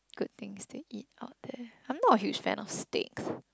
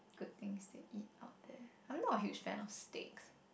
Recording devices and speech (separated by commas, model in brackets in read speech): close-talking microphone, boundary microphone, conversation in the same room